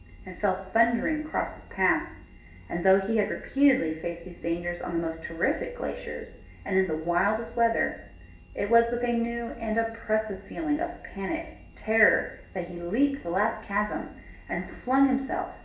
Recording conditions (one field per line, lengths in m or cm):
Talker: one person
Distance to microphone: 1.8 m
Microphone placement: close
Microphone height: 1.0 m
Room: large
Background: none